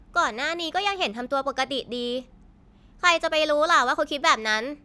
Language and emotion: Thai, angry